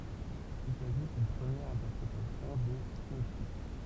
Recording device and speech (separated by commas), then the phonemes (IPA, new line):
temple vibration pickup, read sentence
pyi saʒut yn pʁəmjɛʁ ɛ̃tɛʁpʁetasjɔ̃ de sinɔptik